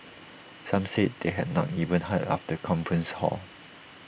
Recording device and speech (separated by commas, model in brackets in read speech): boundary microphone (BM630), read sentence